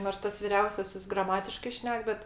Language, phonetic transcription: Lithuanian, nors ˈtas viˈriausiasis graˈmatiškai ˈšnek ˈbet

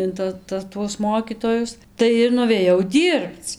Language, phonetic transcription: Lithuanian, in ˈta ˈta tuos ˈmokytojus ˈtai ir nuvėˈjau ˈdyrbc

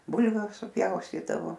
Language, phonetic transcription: Lithuanian, ˈbulviu suˈpjaustydavo

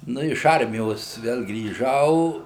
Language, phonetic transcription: Lithuanian, ˈnu iš ˈarmijos ˈvel grįˈžau

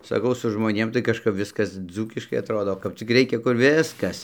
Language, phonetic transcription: Lithuanian, saˈkau su žmoˈnėm tai kažˈkap ˈviskas ˈdzūkiškai atˈrodo kap ˈcik ˈreikia kur ˈviskas

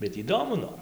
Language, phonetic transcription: Lithuanian, bet įˈdomu ˈnor

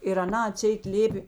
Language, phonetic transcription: Lithuanian, ir aˈna aˈtseit ˈlėpė

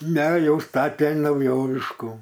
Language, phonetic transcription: Lithuanian, ne ˈjau ˈstatė nauˈjoviškų

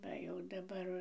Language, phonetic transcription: Lithuanian, ˈva jau daˈbar

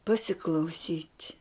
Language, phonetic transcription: Lithuanian, pasiklauˈsyt'

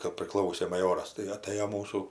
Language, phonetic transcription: Lithuanian, kap priˈklausė maˈjoras tai aˈtɘjo ˈmūsų

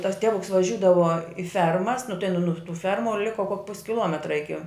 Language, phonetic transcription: Lithuanian, tas ˈtevuks vaˈžiūdava i ˈfermas nu tai nu nu tų ˈfermu ˈliko kok pus' kiˈlometra ˈiki

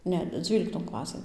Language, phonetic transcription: Lithuanian, ˈne ˈdzvylikton ˈklasɘn

